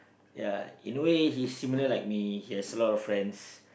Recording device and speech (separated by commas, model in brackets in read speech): boundary microphone, conversation in the same room